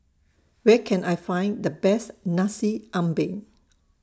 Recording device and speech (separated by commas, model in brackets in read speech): standing microphone (AKG C214), read sentence